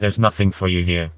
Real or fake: fake